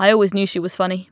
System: none